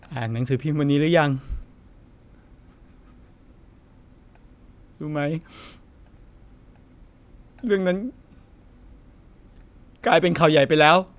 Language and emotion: Thai, sad